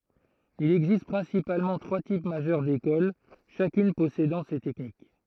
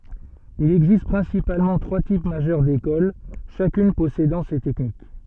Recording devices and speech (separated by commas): throat microphone, soft in-ear microphone, read sentence